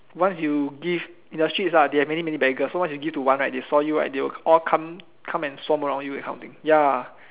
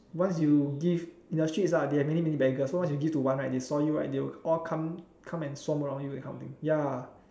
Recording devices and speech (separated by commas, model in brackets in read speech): telephone, standing microphone, conversation in separate rooms